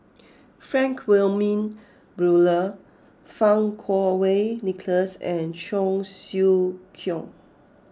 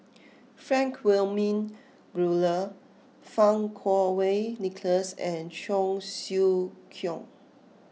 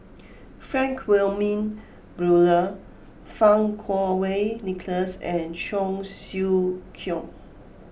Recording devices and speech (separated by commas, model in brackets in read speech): close-talking microphone (WH20), mobile phone (iPhone 6), boundary microphone (BM630), read sentence